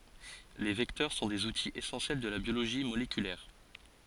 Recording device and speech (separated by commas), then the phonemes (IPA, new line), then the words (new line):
forehead accelerometer, read sentence
le vɛktœʁ sɔ̃ dez utiz esɑ̃sjɛl də la bjoloʒi molekylɛʁ
Les vecteurs sont des outils essentiels de la biologie moléculaire.